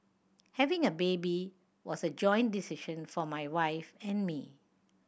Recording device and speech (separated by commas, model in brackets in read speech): boundary microphone (BM630), read sentence